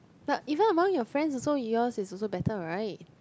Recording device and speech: close-talking microphone, conversation in the same room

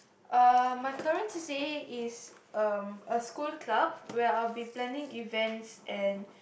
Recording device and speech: boundary microphone, conversation in the same room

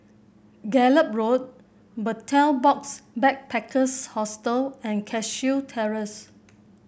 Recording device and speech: boundary microphone (BM630), read sentence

